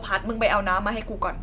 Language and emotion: Thai, frustrated